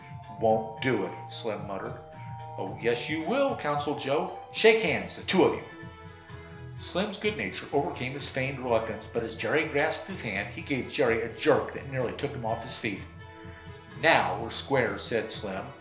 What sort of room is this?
A compact room (about 3.7 m by 2.7 m).